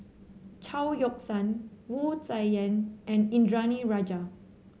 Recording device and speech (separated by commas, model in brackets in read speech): mobile phone (Samsung C7), read sentence